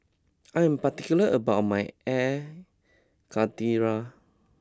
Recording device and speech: close-talking microphone (WH20), read sentence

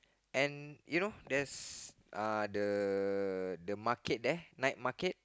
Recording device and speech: close-talking microphone, conversation in the same room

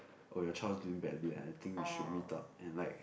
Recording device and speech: boundary microphone, conversation in the same room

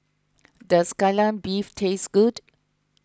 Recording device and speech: close-talking microphone (WH20), read sentence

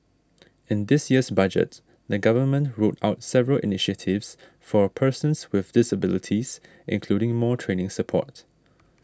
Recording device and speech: standing microphone (AKG C214), read sentence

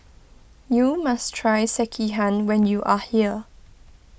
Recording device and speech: boundary microphone (BM630), read sentence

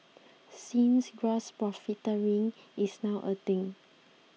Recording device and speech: mobile phone (iPhone 6), read sentence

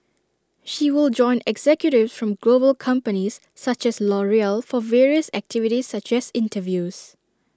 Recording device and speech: standing microphone (AKG C214), read sentence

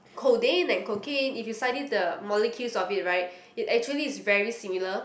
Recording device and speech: boundary microphone, conversation in the same room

